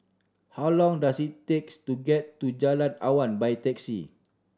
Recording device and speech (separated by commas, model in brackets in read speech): standing microphone (AKG C214), read sentence